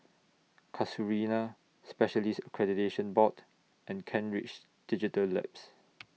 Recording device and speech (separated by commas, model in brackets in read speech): mobile phone (iPhone 6), read sentence